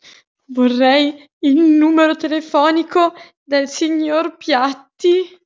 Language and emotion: Italian, fearful